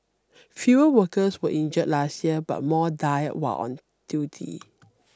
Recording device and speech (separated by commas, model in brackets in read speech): standing microphone (AKG C214), read sentence